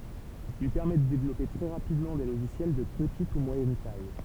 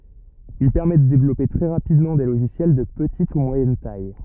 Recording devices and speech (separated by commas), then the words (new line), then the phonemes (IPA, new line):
temple vibration pickup, rigid in-ear microphone, read sentence
Il permet de développer très rapidement des logiciels de petite ou moyenne taille.
il pɛʁmɛ də devlɔpe tʁɛ ʁapidmɑ̃ de loʒisjɛl də pətit u mwajɛn taj